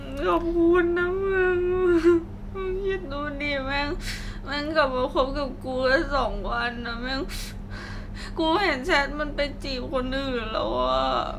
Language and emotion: Thai, sad